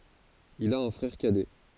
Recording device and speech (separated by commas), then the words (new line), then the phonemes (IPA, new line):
forehead accelerometer, read sentence
Il a un frère cadet.
il a œ̃ fʁɛʁ kadɛ